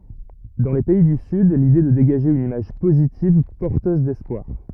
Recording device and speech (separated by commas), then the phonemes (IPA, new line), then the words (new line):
rigid in-ear microphone, read sentence
dɑ̃ le pɛi dy syd lide ɛ də deɡaʒe yn imaʒ pozitiv pɔʁtøz dɛspwaʁ
Dans les pays du Sud, l’idée est de dégager une image positive, porteuse d’espoir.